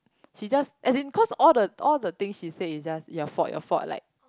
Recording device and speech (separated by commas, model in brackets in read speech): close-talking microphone, conversation in the same room